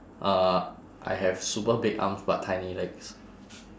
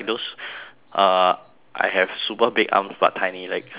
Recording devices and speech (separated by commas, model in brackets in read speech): standing microphone, telephone, conversation in separate rooms